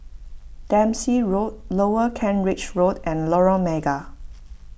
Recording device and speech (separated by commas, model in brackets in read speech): boundary microphone (BM630), read sentence